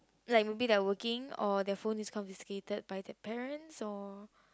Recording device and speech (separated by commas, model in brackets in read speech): close-talking microphone, conversation in the same room